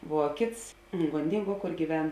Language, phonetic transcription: Lithuanian, ˈvuo ˈkėts gonˈdinˌguo ˈkor gyˈven

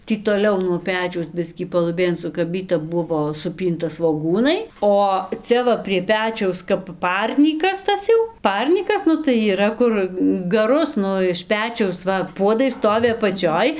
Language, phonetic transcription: Lithuanian, ˈtį toˈliau nuo ˈpečiaus ˈbiskį paluˈbėn sukaˈbyti ˈbuvo suˈpynta svoˈgūnai o ˈcia va prie ˈpečiaus kap ˈparnykas ˈtas jau ˈparnykas ˈnu tai yˈra ˈkur gaˈrus ˈnu iš ˈpečiaus ˈva ˈpuodai ˈstovi apaˈčioj

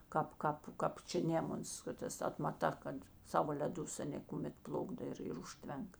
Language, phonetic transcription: Lithuanian, ˈkāp ˈkāp kap ˈčia ˈnėmuns ˈkad ˌtas atmaˈta kad ˈsavo leˈdus aˈnė kuˈmet ˈplukdo ir ir ˈužtvenk

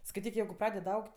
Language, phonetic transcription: Lithuanian, skaiˈtyk jeigu ˈpradeda ˈaugt'

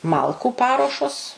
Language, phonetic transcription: Lithuanian, ˈmalkų ˈparuošos

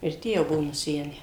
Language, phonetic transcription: Lithuanian, ir ˈtie jau ˈbuo nuˈsenę

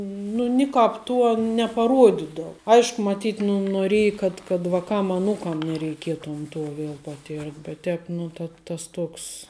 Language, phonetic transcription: Lithuanian, ˈnu niˈkāp ˈtuo nepaˈruodidav ˈaišku maˈtyt nu noˈrėji kad kad vaˈkam aˈnūkam nereiˈkietom ˈto ˈviel paˈtirt bet ˈtēp ˈnu ta ˈtas ˈtoks

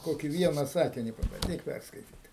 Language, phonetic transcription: Lithuanian, ˈkoki ˈviena ˈsakini pabanˈdyk ˈpærskaityt

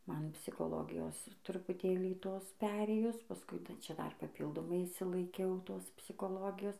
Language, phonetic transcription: Lithuanian, ˈman psikoˈlogijos trupuˈtėlį ˈtos ˈperėjus paˈskui taiˈčia ˈdar paˈpyldomai išsilaiˈkiauˈtos psiˈkologijos

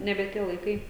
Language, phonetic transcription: Lithuanian, ˈnebe ˈtie laiˈkai

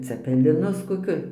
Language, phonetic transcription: Lithuanian, cepeˈ linus koˈkiu

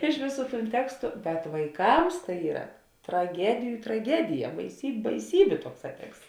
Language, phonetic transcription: Lithuanian, ˈiš vėˌsų tūn ˈtekstu bet vaiˈkams tai ˈyra traˈgediju traˈgedija baisyb' baiˈsybė ˈtuokˌsā ˈteksts

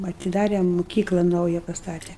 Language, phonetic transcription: Lithuanian, atiˈdare muˈkykla ˈnauja pasˈtate

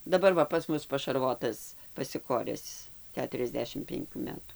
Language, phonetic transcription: Lithuanian, daˈbar ˈva pas ˈmus pašarˈvotas pasiˈkores ˈketuriasˌdešim penˈkių ˈmetų

